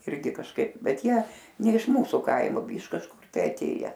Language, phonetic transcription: Lithuanian, ˈirgi kažˈkaip ˈbet ˈjie ˈne iš ˈmūsu ˈkaimu iš kažˈkur tai aˈtėje

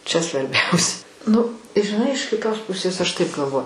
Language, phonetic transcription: Lithuanian, čia svarˈbiaus ˈnu žiˈnai iš kiˈtos ˈpusės aš taip galˈvo

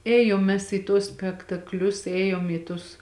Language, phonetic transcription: Lithuanian, ˈėjom ˈmes į tuos spektakˈlius ˈėjom į tus

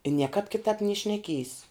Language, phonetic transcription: Lithuanian, i ˈniekāp kiˈtāp nie šneˈkiejs

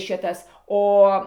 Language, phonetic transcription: Lithuanian, ˈšitas ˈo

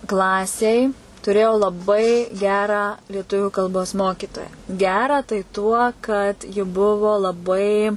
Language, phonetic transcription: Lithuanian, ˈklasėj tuˈrėjau laˈbai ˈgerą lieˈtuviu kalˈbos ˈmokytoją ˈgerą tai tuo kad ji ˈbuvu laˈbai

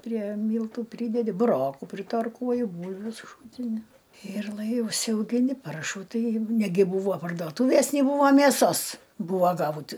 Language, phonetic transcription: Lithuanian, prie ˈmyltų ˈprydedi buˈrokų pritarˈkuoju ˈbūlviu suˈšūtini ir lai užsiaugiˈni ˈparšų ˈtai ˈnegi ˈbūvo parduoˈtūvės ni ˈbūvo mėˈsos ˈbūvo ˈgaut

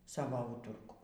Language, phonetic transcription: Lithuanian, ˈsavo ˈūturku

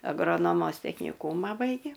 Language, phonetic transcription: Lithuanian, agroˈnomos tekniˈkūma ˈbaigė

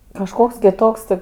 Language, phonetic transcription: Lithuanian, kažˈkoks kiˈtoks ti

